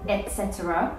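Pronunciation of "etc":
'Etc' is said in full, with all four syllables; the third syllable, a schwa sound, is not dropped.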